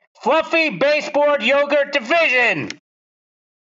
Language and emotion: English, neutral